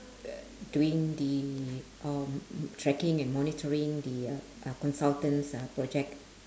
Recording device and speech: standing microphone, conversation in separate rooms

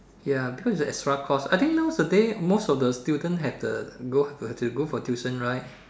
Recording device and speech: standing microphone, conversation in separate rooms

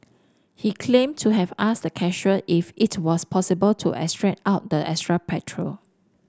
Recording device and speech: standing microphone (AKG C214), read sentence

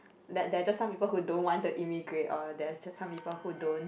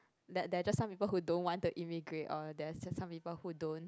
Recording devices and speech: boundary microphone, close-talking microphone, conversation in the same room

